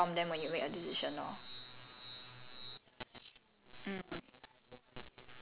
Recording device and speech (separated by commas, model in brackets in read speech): telephone, conversation in separate rooms